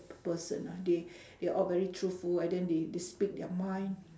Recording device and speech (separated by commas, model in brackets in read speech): standing microphone, conversation in separate rooms